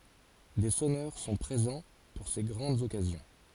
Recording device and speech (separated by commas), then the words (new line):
forehead accelerometer, read sentence
Des sonneurs sont présents pour ces grandes occasions.